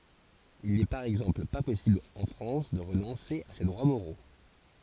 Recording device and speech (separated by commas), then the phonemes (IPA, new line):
forehead accelerometer, read sentence
il nɛ paʁ ɛɡzɑ̃pl pa pɔsibl ɑ̃ fʁɑ̃s də ʁənɔ̃se a se dʁwa moʁo